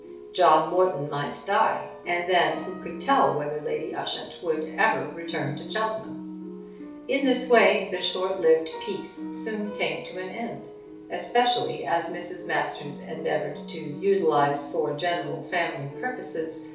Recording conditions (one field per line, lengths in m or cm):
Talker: one person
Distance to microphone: 3.0 m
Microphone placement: far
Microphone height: 1.8 m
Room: small (3.7 m by 2.7 m)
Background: music